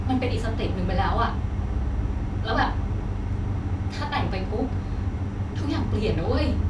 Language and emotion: Thai, frustrated